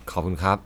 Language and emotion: Thai, neutral